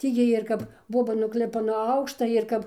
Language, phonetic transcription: Lithuanian, ˈtį ˈjiej ir ˈkap ˈboba nugˈlipa nuo ˈaukšta ir ˈkap

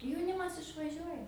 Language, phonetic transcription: Lithuanian, jauˈnimas išvaˈžiuoja

